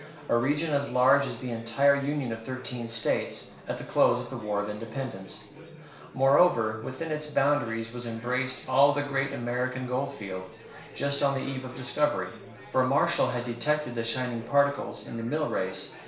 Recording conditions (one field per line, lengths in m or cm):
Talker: one person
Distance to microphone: 1.0 m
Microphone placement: close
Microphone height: 1.1 m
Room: small (3.7 m by 2.7 m)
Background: babble